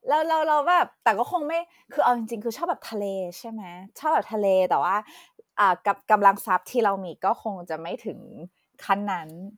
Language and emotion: Thai, happy